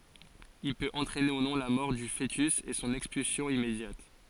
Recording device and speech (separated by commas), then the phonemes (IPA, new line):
forehead accelerometer, read sentence
il pøt ɑ̃tʁɛne u nɔ̃ la mɔʁ dy foətys e sɔ̃n ɛkspylsjɔ̃ immedjat